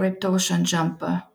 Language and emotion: English, neutral